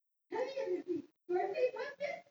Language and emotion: English, surprised